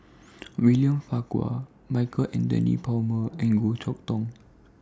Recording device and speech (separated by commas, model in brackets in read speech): standing microphone (AKG C214), read sentence